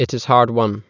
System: none